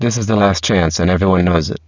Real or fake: fake